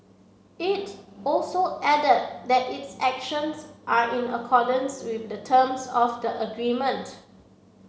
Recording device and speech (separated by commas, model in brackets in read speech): mobile phone (Samsung C7), read sentence